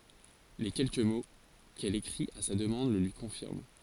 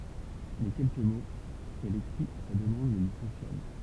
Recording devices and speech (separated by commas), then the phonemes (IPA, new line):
forehead accelerometer, temple vibration pickup, read sentence
le kɛlkə mo kɛl ekʁit a sa dəmɑ̃d lə lyi kɔ̃fiʁm